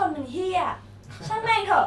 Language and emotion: Thai, angry